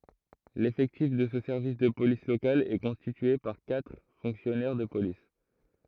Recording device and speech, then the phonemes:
throat microphone, read sentence
lefɛktif də sə sɛʁvis də polis lokal ɛ kɔ̃stitye paʁ katʁ fɔ̃ksjɔnɛʁ də polis

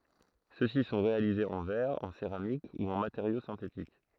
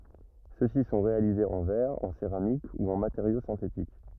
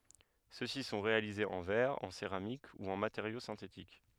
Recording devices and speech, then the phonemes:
throat microphone, rigid in-ear microphone, headset microphone, read sentence
søksi sɔ̃ ʁealizez ɑ̃ vɛʁ ɑ̃ seʁamik u ɑ̃ mateʁjo sɛ̃tetik

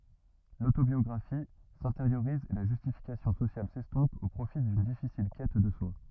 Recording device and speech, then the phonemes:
rigid in-ear microphone, read sentence
lotobjɔɡʁafi sɛ̃teʁjoʁiz e la ʒystifikasjɔ̃ sosjal sɛstɔ̃p o pʁofi dyn difisil kɛt də swa

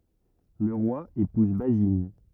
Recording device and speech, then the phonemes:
rigid in-ear microphone, read sentence
lə ʁwa epuz bazin

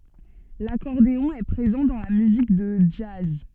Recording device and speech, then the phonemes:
soft in-ear microphone, read sentence
lakɔʁdeɔ̃ ɛ pʁezɑ̃ dɑ̃ la myzik də dʒaz

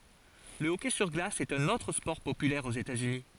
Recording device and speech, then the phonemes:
forehead accelerometer, read sentence
lə ɔkɛ syʁ ɡlas ɛt œ̃n otʁ spɔʁ popylɛʁ oz etatsyni

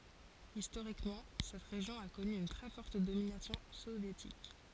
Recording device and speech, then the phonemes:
forehead accelerometer, read sentence
istoʁikmɑ̃ sɛt ʁeʒjɔ̃ a kɔny yn tʁɛ fɔʁt dominasjɔ̃ sovjetik

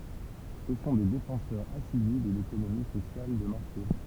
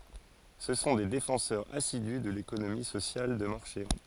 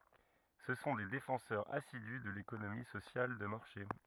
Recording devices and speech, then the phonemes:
temple vibration pickup, forehead accelerometer, rigid in-ear microphone, read sentence
sə sɔ̃ de defɑ̃sœʁz asidy də lekonomi sosjal də maʁʃe

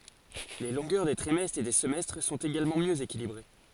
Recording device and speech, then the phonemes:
forehead accelerometer, read sentence
le lɔ̃ɡœʁ de tʁimɛstʁz e de səmɛstʁ sɔ̃t eɡalmɑ̃ mjø ekilibʁe

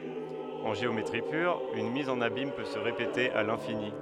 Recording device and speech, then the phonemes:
headset microphone, read sentence
ɑ̃ ʒeometʁi pyʁ yn miz ɑ̃n abim pø sə ʁepete a lɛ̃fini

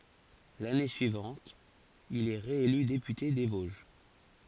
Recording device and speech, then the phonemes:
forehead accelerometer, read sentence
lane syivɑ̃t il ɛ ʁeely depyte de voʒ

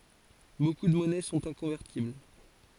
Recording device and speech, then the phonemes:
forehead accelerometer, read sentence
boku də mɔnɛ sɔ̃t ɛ̃kɔ̃vɛʁtibl

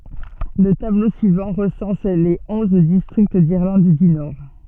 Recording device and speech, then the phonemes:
soft in-ear microphone, read sentence
lə tablo syivɑ̃ ʁəsɑ̃s le ɔ̃z distʁikt diʁlɑ̃d dy nɔʁ

